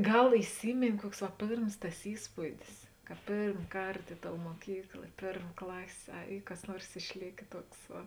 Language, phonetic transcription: Lithuanian, ˈgal iˈsymėnė ˈkuoks va ˈpėrms tas ˈįspūdis ka ˈpėrm ˈkart ˈi ˌtou muoˈkykla i ˈpėrm ˈklasė ˈa ˈy kas ˈnuors išˈlėkė ˈtuoks ˈva

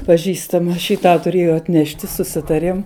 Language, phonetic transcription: Lithuanian, paˈžįstama šį ˈtą tuˈrėjo atˈnešti suˈsitarėm

